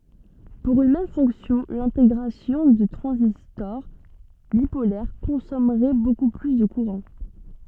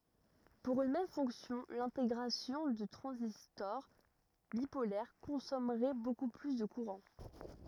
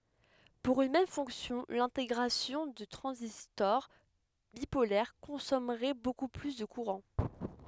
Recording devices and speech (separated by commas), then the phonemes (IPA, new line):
soft in-ear microphone, rigid in-ear microphone, headset microphone, read sentence
puʁ yn mɛm fɔ̃ksjɔ̃ lɛ̃teɡʁasjɔ̃ də tʁɑ̃zistɔʁ bipolɛʁ kɔ̃sɔmʁɛ boku ply də kuʁɑ̃